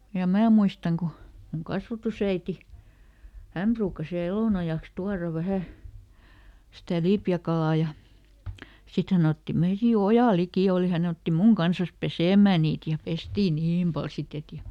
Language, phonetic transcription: Finnish, ja "mää muistaŋ ku , muŋ ˈkasvatusäiti , "häm pruukkas viäˈl ‿elònajaks ˈtuara ˈvähä , sitä "lipjäkalà ja , ˈsit ˈhän ‿otti (ˈmeiti) ja "oja ˈlikì òli ˈhän ‿otti "muŋ ˈkansas "pesèm̆mää niit ja ˈpestii "niim pal ˈsit ‿et ja ,.
- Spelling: ja minä muistan kun minun kasvatusäiti hän ruukasi vielä elonajaksi tuoda vähän sitä lipeäkalaa ja sitten hän otti meidän ja oja liki oli hän otti minun kanssa pesemään niitä ja pestiin niin paljon sitten että ja

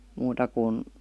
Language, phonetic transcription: Finnish, 'muuta kun ,.
- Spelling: muuta kuin

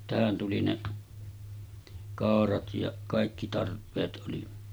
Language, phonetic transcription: Finnish, tähän tuli 'ne , 'kàorat ja , 'kàikki 'tarp̆peet ˀoli .
- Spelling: tähän tuli ne kaurat ja kaikki tarpeet oli

